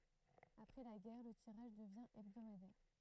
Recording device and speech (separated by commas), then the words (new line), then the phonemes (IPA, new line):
throat microphone, read sentence
Après la guerre, le tirage devient hebdomadaire.
apʁɛ la ɡɛʁ lə tiʁaʒ dəvjɛ̃ ɛbdomadɛʁ